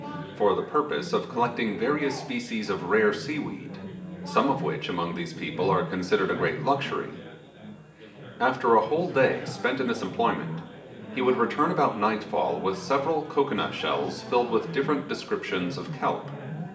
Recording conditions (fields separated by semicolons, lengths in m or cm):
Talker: one person; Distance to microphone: 1.8 m; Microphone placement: close; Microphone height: 1.0 m; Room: large; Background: babble